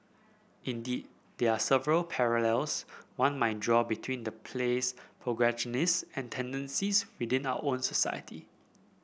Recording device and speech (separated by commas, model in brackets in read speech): boundary microphone (BM630), read sentence